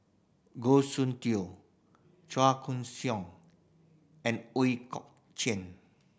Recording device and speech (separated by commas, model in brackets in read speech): boundary microphone (BM630), read sentence